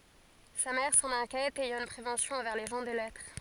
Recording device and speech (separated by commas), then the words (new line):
forehead accelerometer, read sentence
Sa mère s'en inquiète, ayant une prévention envers les gens de lettres.